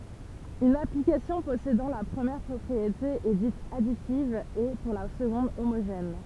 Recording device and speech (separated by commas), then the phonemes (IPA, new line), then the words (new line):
temple vibration pickup, read sentence
yn aplikasjɔ̃ pɔsedɑ̃ la pʁəmjɛʁ pʁɔpʁiete ɛ dit aditiv e puʁ la səɡɔ̃d omoʒɛn
Une application possédant la première propriété est dite additive et, pour la seconde, homogène.